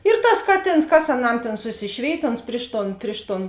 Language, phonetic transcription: Lithuanian, ir tas ˈkaˌtėns kas aˈnam ˈtėn suˈsišvėit' ons ˈpriš ˌton ˈpriš ˌton

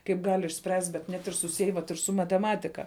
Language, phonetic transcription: Lithuanian, kaip ˈgal' išˈspręst' bet ˈnet ir suˈsiej vat ir su mateˈmatika

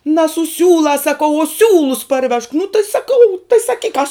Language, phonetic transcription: Lithuanian, na su ˈsiūlās saˈkau o ˈsiūlus parˈvežk nu tai saˈkau tai saˈkyk kas

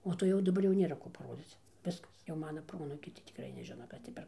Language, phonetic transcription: Lithuanian, o ˈto jau daˈbar jau ˈnėra ˈko paˈrodzyc ˈviskas jau ˈmana ˈproanūkiai tai tikˈrai neˈžina ˈkas ti per

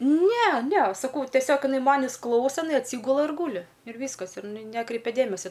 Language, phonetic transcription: Lithuanian, ˈne ˈne saˈkau teˈsiog iˈnai ˈmanis ˈklausa iˈnai atˈsygula ir ˈgūli ir ˈvyskas ir iˈnai ˈnekreipia ˈdėmesia

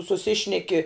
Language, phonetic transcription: Lithuanian, suˈsišneki

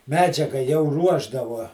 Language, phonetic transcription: Lithuanian, ˈmedžiaga jau ˈruošdavuo

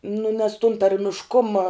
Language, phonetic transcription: Lithuanian, nu nes tun tarmišˈkuma

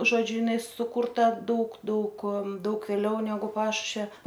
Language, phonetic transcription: Lithuanian, žoˈdžiu jiˈnai sukurˈta ˈdaug ˈdaug ˈdaug vėˈliau neˈgu ˈpašušvia

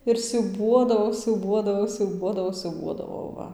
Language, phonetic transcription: Lithuanian, ir siūˈbuodavau siūˈbuodavau siūˈbuodavau siūˈbuodavau ˈva

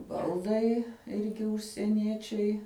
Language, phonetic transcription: Lithuanian, ˈbaldai ˈirgi užsieˈniečiai

